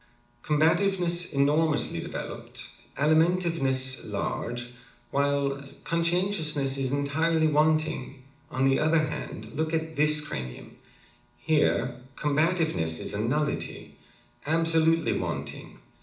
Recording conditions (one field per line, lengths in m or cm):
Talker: one person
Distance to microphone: 2.0 m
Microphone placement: close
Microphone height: 99 cm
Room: medium-sized (5.7 m by 4.0 m)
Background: none